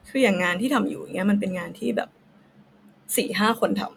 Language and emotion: Thai, sad